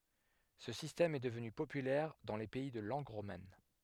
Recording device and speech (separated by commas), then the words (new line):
headset microphone, read sentence
Ce système est devenu populaire dans les pays de langue romane.